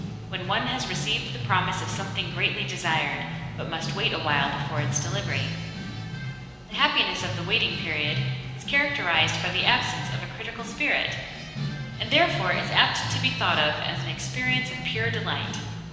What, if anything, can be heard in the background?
Music.